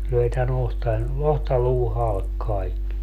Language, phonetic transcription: Finnish, 'löi tä'n ‿ohtan , "ohtaluu 'halk 'kaik(ki) .
- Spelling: löi tämän otsan otsaluun halki kaikki

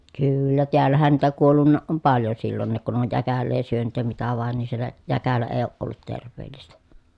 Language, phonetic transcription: Finnish, kyyyllä teällähän niitä kuollunnaaʼ ʼom paljon sillonniik kun (ne) oj jäkällee syönyt ja mitä vàen ni siel̀ä , jäkälä ee oʼ ʼollut terv̆veellistä .
- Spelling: kyllä täällähän niitä kuollut on paljon silloinkin kun ne on jäkälää syönyt ja mitä vain niin siellä jäkälä ei ole ollut terveellistä

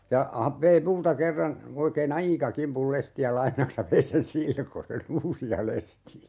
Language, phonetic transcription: Finnish, ja , ha - 'vei "multa 'kerran , 'oikee"n ‿aika 'kimpul 'lesti₍ä 'lainaks ja 'vei sen "silkose"n ‿uusi₍a 'lesti₍ä .
- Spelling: ja - vei minulta kerran oikein aika kimpun lestejä lainaksi ja vei sen silkoisen uusia lestejä

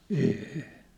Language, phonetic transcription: Finnish, ee₍ḙ .
- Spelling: ei

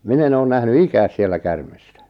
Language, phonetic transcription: Finnish, 'min ‿e'n ‿oon 'nähny "ikääs siellä 'kärmᴇstᴀ̈ .
- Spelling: minä en ole nähnyt ikänä siellä käärmettä

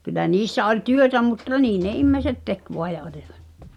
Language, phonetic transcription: Finnish, kylä 'niissä oĺ "työtä mutta "nii ne 'immeĭset 'tek voa ja olivᴀ[t] .
- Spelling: kyllä niissä oli työtä mutta niin ne ihmiset teki vain ja olivat

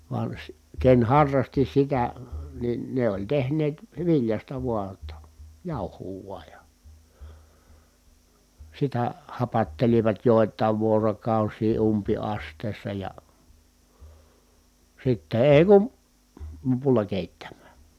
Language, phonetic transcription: Finnish, van̬ si- , ken harrasti sitä , nin ne ‿oĺ tehneet , viljasta vua ‿tta , jàu̬huu vuaj ja , sitä , hapattelivat jòi̮t̆tài̮v vuorokàusii umpi₍ast̀èi̮ssa ja , sitte ee kun̬ , (l)opulla kèittäm̆mä̀ .
- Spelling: vaan - ken harrasti sitä niin ne oli tehneet viljasta vain jotta jauhoa vain ja sitä hapattelivat joitain vuorokausia umpiastioissa ja sitten ei kun lopulla keittämään

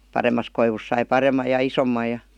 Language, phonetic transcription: Finnish, 'paremmas koivus sai "parem̆maj̆ ja "isommaj ja ,.
- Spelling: paremmasta koivusta sai paremman ja isomman ja

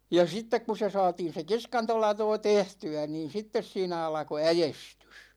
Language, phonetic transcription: Finnish, ja 'sittek ku se 'saatin̬ se 'kiskantolatoo "tehty₍ä niin̬ 'sittes siinä 'alᵃko "äjestys .
- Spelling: ja sitten kun se saatiin se kiskantolatoo tehtyä niin sitten siinä alkoi äestys

